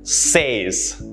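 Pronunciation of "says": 'Says' is pronounced incorrectly here.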